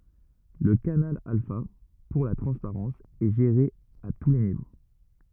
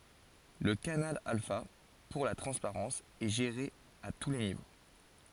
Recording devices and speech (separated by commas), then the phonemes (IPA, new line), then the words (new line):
rigid in-ear microphone, forehead accelerometer, read sentence
lə kanal alfa puʁ la tʁɑ̃spaʁɑ̃s ɛ ʒeʁe a tu le nivo
Le canal alpha, pour la transparence, est géré à tous les niveaux.